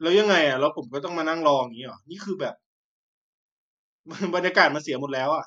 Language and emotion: Thai, frustrated